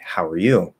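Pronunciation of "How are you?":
In 'How are you?', the stress falls on 'you'.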